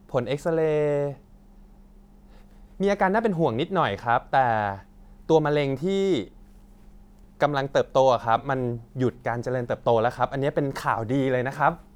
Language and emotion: Thai, happy